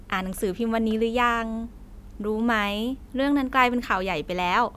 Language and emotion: Thai, happy